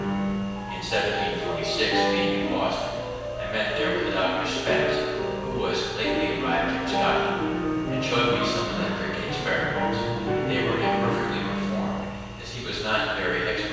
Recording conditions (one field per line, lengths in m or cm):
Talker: one person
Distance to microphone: 7.1 m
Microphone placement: far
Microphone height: 1.7 m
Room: very reverberant, large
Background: music